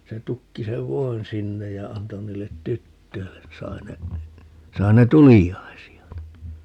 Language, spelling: Finnish, se tukki sen voin sinne ja antoi niille tytöille niin sai ne sai ne tuliaisia niin
- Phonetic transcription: 'se 'tukki sev "voin 'sinnej ja 'anto 'niillet "tyttöillen ni 'sai ne , 'sai ne "tulijjai̮si₍a ni .

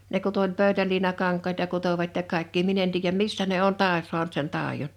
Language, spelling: Finnish, ne kutoi oli pöytäliinakankaita kutoivat ja kaikkia minä en tiedä missä ne on - saanut sen taidon
- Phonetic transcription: 'ne kuto (o)ĺ 'pö̀ytäliinakaŋk̆kaita 'kutovat ja 'kàekkii 'min ‿en tiijjäm "missä ne "on 'tàe- 'suant sen 'tàejon .

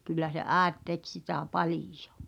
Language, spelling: Finnish, kyllä se äiti teki sitä paljon
- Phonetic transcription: kyllä se "’ääet tek sitä̀ "palijᴏ .

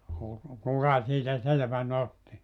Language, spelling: Finnish, - kuka siitä selvän otti
- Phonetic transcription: ku- , 'kuka siitä 'selᵉvä'n ‿otti .

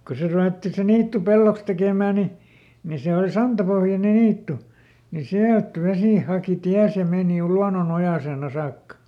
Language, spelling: Finnish, kun se ruvettiin se niitty pelloksi tekemään niin niin se oli santapohjainen niitty niin sieltä vesi haki tiensä ja meni luonnonojaseen - saakka
- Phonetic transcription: ko ˈse ruvetti se ˈniittu "pelloks tekèmä̀ ni , ni ˈse ol "santapohjane ˈniittu , ni "siält ˈvesì ˈhàki "tiäs ja ˈmeeni ˈluanonojasèn ‿a- ˈsaakka .

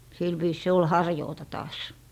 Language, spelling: Finnish, sillä viisin se oli harjuuta taas
- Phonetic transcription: sil viis se ol "harjoota taas .

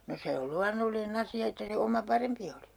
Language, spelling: Finnish, no se on luonnollinen asia että se oma parempi oli
- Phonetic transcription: no se ol 'luannollinᵉ'n ‿asi₍a että se 'oma "parempi oli .

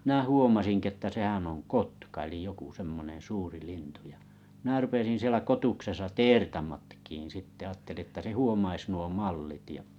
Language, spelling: Finnish, minä huomasinkin että sehän on kotka eli joku semmoinen suuri lintu ja minä rupesin siellä kotuksessa teertä matkimaan sitten ajattelin jotta se huomaisi nuo mallit ja
- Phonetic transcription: mⁱnä 'huomasiŋki että 'sehän oŋ "kotka elij 'joku 'semmonen 'suuri lintu ja , mⁱnä 'rupesin sielä kotuksesa "teertaa matkiin 'sitte aatteli ‿tta 'se "huomais nuo "mallit ja ,.

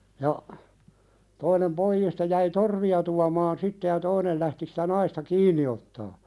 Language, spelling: Finnish, ja toinen pojista jäi torvia tuomaan sitten ja toinen lähti sitä naista kiinni ottamaan
- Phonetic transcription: ja , toinem 'poijiista jäi "torvi₍a tuamaan 'sitte ja 'toinel lähti sɪtä 'naista "kiiǹi ottaa .

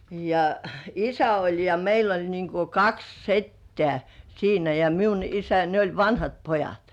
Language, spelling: Finnish, ja isä oli ja meillä oli niin kuin kaksi setää siinä ja minun isä ja ne oli vanhat pojat
- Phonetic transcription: ja , "isä 'oĺ ja 'meil ‿oĺ niiŋ ku "kaks "settĕä̀ , siinä ja 'miun "isä (ja) ne oĺ "vanhat "pojat .

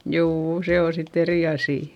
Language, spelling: Finnish, juu se on sitten eri asia
- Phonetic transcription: juu₍u , se o sitt ‿eri asì .

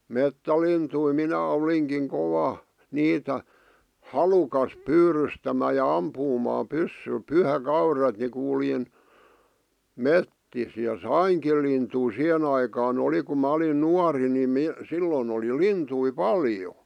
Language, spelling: Finnish, metsälintuja minä olinkin kova niitä halukas pyydystämään ja ampumaan pyssyllä pyhäkaudet niin kuljin metsissä ja sainkin lintuja siihen aikaan oli kun minä olin nuori niin - silloin oli lintuja paljon
- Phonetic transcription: 'mettälintui minä 'oliŋkiŋ 'kova , 'niitä , "halukas "pyyrystämä̳ ja "ampuumaa 'pyssyl "pyhäkauret ni kuljin , "mettis ja "saiŋkil lintui 'siʰen ‿aikaa'n ‿oli kum ma olin 'nuari ni 'mi- , 'sillon ‿oli "lintui "paljo .

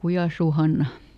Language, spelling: Finnish, Kujansuun Hanna
- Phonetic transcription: "Kujàsuu ˈHanna .

